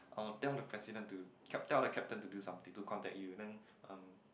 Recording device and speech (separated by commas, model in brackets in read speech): boundary microphone, conversation in the same room